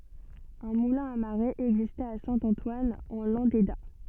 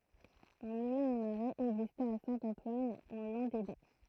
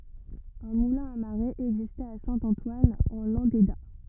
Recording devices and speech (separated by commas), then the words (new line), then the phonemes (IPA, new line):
soft in-ear microphone, throat microphone, rigid in-ear microphone, read sentence
Un moulin à marée existait à Saint-Antoine en Landéda.
œ̃ mulɛ̃ a maʁe ɛɡzistɛt a sɛ̃ ɑ̃twan ɑ̃ lɑ̃deda